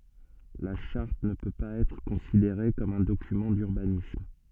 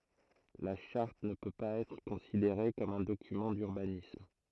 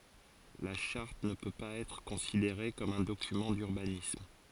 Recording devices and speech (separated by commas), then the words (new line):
soft in-ear microphone, throat microphone, forehead accelerometer, read sentence
La charte ne peut pas être considérée comme un document d’urbanisme.